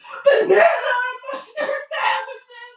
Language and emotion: English, sad